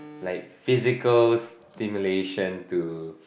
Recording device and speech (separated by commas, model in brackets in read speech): boundary microphone, conversation in the same room